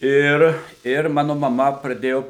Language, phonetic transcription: Lithuanian, ˈir ir ˈmanu maˈma praˈdėjo

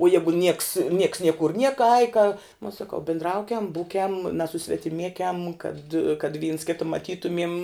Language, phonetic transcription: Lithuanian, uo ˈjegu nieks nieks ˈniekur ˈnieka ai ka uo saˈkau bindˈraukem ˈbūkem nasusvetiˈmiekem kad kad vyns ˈkita maˈtytumiem

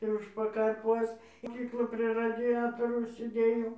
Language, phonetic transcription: Lithuanian, i ˈuž pakarˈpuos moˈkykloj prie radiˈjatoraus sėˈdėjau

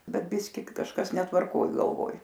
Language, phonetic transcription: Lithuanian, ˈbet ˈbiski kažˈkas netvarˈkoj galˈvoj

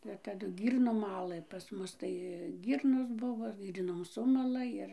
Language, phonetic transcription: Lithuanian, ir taˈdu ˈgyrnom ˈmalɘ pas ˈmus tai ˈgyrnos ˈbuvo ˈgyrnom ˈsumala ˈir

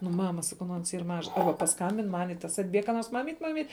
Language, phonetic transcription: Lithuanian, nu ˈmama saˈkau nu ans yr ˈmažas ˈarba pasˈkambin ˈman' i tas atˈbieg ka ˈnors ˈmamyt ˈmamyt

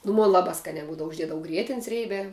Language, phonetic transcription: Lithuanian, nu ˈmon ˈlabā ˈskaniā ˈbūdavu užˈdiedavu ˈgrietin's ˈrėbiā

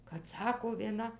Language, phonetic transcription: Lithuanian, kad ˈsako vieˈna

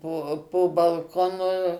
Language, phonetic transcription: Lithuanian, ˈpo po balˈkonu

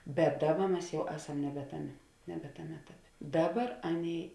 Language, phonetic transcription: Lithuanian, bet ˈdaˌba ˈmes ˈjau ˈeˌsam nebe ˈtaˌmė nebe ˈtaˌmė ˈetaˌpė ˈdaˌbar ˈaˌnėi

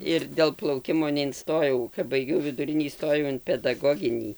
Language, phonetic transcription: Lithuanian, ir dėl plauˈkimo neinˈstojau kap baiˈgiau viduˈrinį įˈstojau in pedaˈgoginį

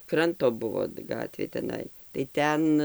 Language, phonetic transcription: Lithuanian, ˈkranto ˈbuvo ˈgatvė teˈnai tai ˈten

